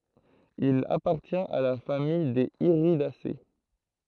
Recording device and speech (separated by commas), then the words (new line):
throat microphone, read sentence
Il appartient à la famille des Iridacées.